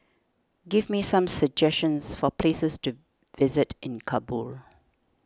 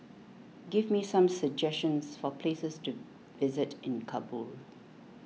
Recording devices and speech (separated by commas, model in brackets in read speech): standing microphone (AKG C214), mobile phone (iPhone 6), read sentence